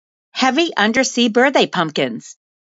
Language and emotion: English, neutral